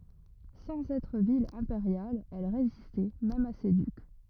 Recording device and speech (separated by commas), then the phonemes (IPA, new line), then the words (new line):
rigid in-ear microphone, read sentence
sɑ̃z ɛtʁ vil ɛ̃peʁjal ɛl ʁezistɛ mɛm a se dyk
Sans être ville impériale, elle résistait même à ses ducs.